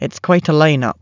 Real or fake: real